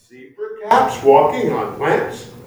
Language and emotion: English, surprised